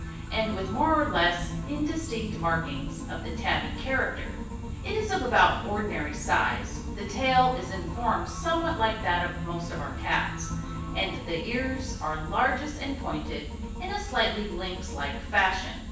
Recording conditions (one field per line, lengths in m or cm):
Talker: one person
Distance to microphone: 9.8 m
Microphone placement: far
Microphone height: 1.8 m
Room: large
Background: music